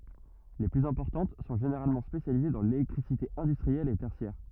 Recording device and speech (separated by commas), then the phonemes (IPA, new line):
rigid in-ear microphone, read sentence
le plyz ɛ̃pɔʁtɑ̃t sɔ̃ ʒeneʁalmɑ̃ spesjalize dɑ̃ lelɛktʁisite ɛ̃dystʁiɛl e tɛʁsjɛʁ